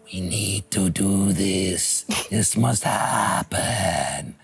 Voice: sinister voice